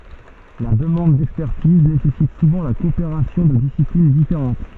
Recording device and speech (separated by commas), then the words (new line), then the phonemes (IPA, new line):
soft in-ear microphone, read sentence
La demande d'expertise nécessite souvent la coopération de disciplines différentes.
la dəmɑ̃d dɛkspɛʁtiz nesɛsit suvɑ̃ la kɔopeʁasjɔ̃ də disiplin difeʁɑ̃t